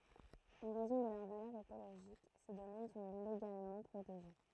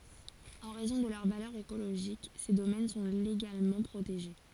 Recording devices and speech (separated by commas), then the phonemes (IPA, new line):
throat microphone, forehead accelerometer, read sentence
ɑ̃ ʁɛzɔ̃ də lœʁ valœʁ ekoloʒik se domɛn sɔ̃ leɡalmɑ̃ pʁoteʒe